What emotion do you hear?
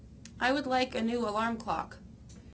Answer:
neutral